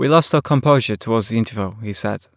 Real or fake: real